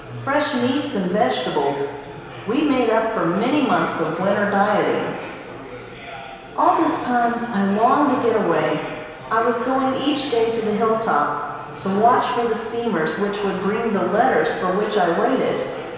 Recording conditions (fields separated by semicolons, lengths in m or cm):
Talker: one person; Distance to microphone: 1.7 m; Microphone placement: close; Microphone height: 1.0 m; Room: very reverberant, large; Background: babble